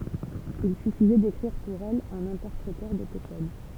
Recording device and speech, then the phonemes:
temple vibration pickup, read sentence
il syfizɛ dekʁiʁ puʁ ɛl œ̃n ɛ̃tɛʁpʁetœʁ də pe kɔd

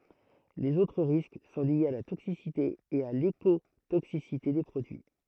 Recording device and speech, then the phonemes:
throat microphone, read sentence
lez otʁ ʁisk sɔ̃ ljez a la toksisite e a lekotoksisite de pʁodyi

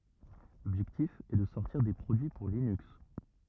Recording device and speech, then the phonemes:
rigid in-ear microphone, read sentence
lɔbʒɛktif ɛ də sɔʁtiʁ de pʁodyi puʁ linyks

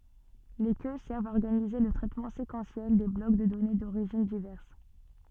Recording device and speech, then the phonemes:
soft in-ear microphone, read sentence
le kø sɛʁvt a ɔʁɡanize lə tʁɛtmɑ̃ sekɑ̃sjɛl de blɔk də dɔne doʁiʒin divɛʁs

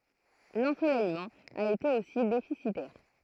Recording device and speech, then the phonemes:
throat microphone, read sentence
lɑ̃solɛjmɑ̃ a ete osi defisitɛʁ

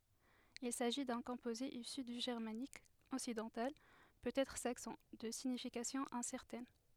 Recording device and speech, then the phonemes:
headset microphone, read sentence
il saʒi dœ̃ kɔ̃poze isy dy ʒɛʁmanik ɔksidɑ̃tal pøtɛtʁ saksɔ̃ də siɲifikasjɔ̃ ɛ̃sɛʁtɛn

